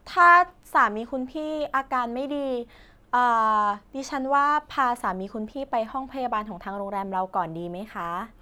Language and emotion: Thai, neutral